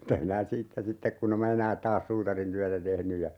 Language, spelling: Finnish, mitäs minä siitä sitten kun en minä enää taas suutarintyötä tehnyt ja
- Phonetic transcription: 'mitäh minä "siittä sittek kun ‿em ma "enääᵗ 'taas 'suutarintyätä 'tehny ja ,.

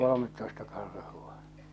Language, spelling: Finnish, kolmetoista karhua
- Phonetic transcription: 'kolomettoista 'karhua .

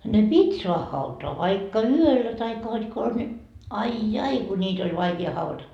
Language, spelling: Finnish, ne piti saada hautaan vaikka yöllä tai hod konsa niin ai ai kun niitä oli vaikea haudata
- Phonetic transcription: ne "pit́ soah hautoa , vaikka "yöllä taikka hod kons ńi , 'ai "jai ku ńiit ‿oĺ 'vaiki₍a hauvata .

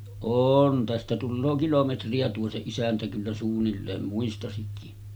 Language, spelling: Finnish, on tästä tulee kilometriä tuo se isäntä kyllä suunnilleen muistaisikin
- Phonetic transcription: 'oon tästä tulloo 'kilometri₍a tuo se 'isäntä kyllä suunnilleen 'muistasikki .

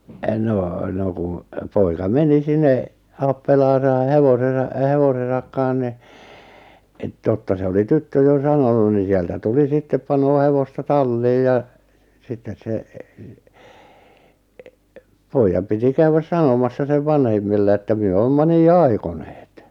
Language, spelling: Finnish, no no kun poika meni sinne appelaansa hevosessa hevosensa kanssa niin - totta se oli tyttö jo sanonut niin sieltä tuli sitten panee hevosta talliin ja sitten se pojan piti käydä sanomassa sen vanhemmille että me olemme niin aikoneet
- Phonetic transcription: 'noo 'no kun , poika 'meni 'sinne , 'appelaasa 'hevosesa , 'hevosesak kaa̰h ni , et- 'totta se oli "tyttö jo 'sanonu ni sieltä 'tuli 'sittep 'panoo 'hevosta 'talliij ja , 'sittes se , 'poijjam piti 'käywäs "sanomassa 'sev "vanhemmille että myö 'oomma 'nii "aikoneet .

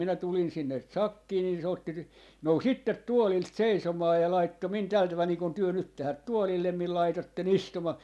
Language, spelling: Finnish, minä tulin sinne sakkiin niin se otti - nousi itse tuolilta seisomaan ja laittoi minun tällä tavalla niin kuin te nyt tähän tuolille minun laitoitte istumaan
- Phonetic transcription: minä 'tulin sinne "sakkii nin se otti ‿t- , 'nou"s ‿ittet 'tuolilt "seisomaa ja 'laitto min 'täl 'taval nii kun 'työ "nyt tähät "tuolillem mil 'laitotte"n ‿istumà .

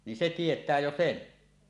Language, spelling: Finnish, niin se tietää jo sen
- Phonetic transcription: ni "se 'tiet̀ää 'jo "sen .

